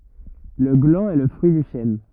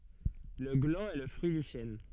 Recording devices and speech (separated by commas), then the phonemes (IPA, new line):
rigid in-ear microphone, soft in-ear microphone, read sentence
lə ɡlɑ̃ ɛ lə fʁyi dy ʃɛn